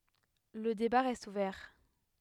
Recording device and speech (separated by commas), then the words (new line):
headset microphone, read sentence
Le débat reste ouvert.